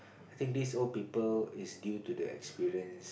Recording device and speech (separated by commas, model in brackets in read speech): boundary microphone, conversation in the same room